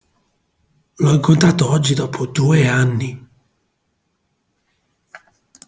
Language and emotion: Italian, surprised